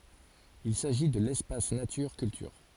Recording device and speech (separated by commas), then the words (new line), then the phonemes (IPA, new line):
forehead accelerometer, read sentence
Il s'agit de l'Espace Nature Culture.
il saʒi də lɛspas natyʁ kyltyʁ